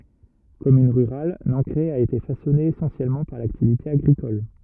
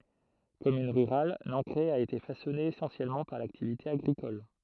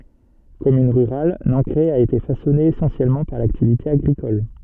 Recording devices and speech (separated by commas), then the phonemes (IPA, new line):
rigid in-ear microphone, throat microphone, soft in-ear microphone, read sentence
kɔmyn ʁyʁal nɑ̃kʁɛ a ete fasɔne esɑ̃sjɛlmɑ̃ paʁ laktivite aɡʁikɔl